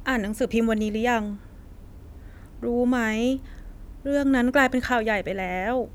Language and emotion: Thai, frustrated